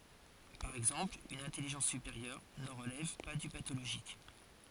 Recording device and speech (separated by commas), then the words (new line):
forehead accelerometer, read sentence
Par exemple une intelligence supérieure ne relève pas du pathologique.